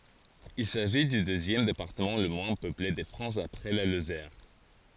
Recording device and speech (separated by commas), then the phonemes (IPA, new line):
forehead accelerometer, read sentence
il saʒi dy døzjɛm depaʁtəmɑ̃ lə mwɛ̃ pøple də fʁɑ̃s apʁɛ la lozɛʁ